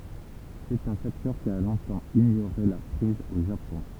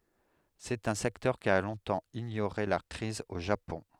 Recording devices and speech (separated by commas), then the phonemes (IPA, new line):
temple vibration pickup, headset microphone, read sentence
sɛt œ̃ sɛktœʁ ki a lɔ̃tɑ̃ iɲoʁe la kʁiz o ʒapɔ̃